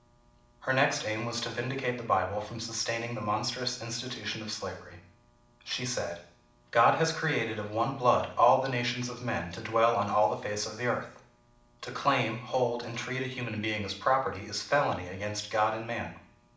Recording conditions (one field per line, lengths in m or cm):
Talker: one person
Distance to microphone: 2.0 m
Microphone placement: close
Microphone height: 99 cm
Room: medium-sized (5.7 m by 4.0 m)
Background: none